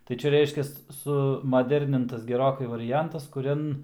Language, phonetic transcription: Lithuanian, tai ˈčia ˈreiškias ˌsumaˈdernintas geˈrokai variˈjantas kuˈrian

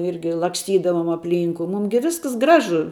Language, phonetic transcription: Lithuanian, ˈirgi laksˈtydavom apˈlynku ˈmūm gi ˈvisks ˈgražu

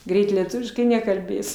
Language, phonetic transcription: Lithuanian, ˈgreit lieˈtuviškai nekalˈbės

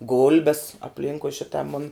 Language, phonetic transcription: Lithuanian, ˈgulbes apˈlinkui ˈšita mun'

